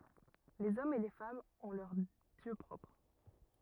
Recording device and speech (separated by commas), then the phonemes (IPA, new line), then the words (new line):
rigid in-ear microphone, read sentence
lez ɔmz e le famz ɔ̃ lœʁ djø pʁɔpʁ
Les hommes et les femmes ont leurs dieux propres.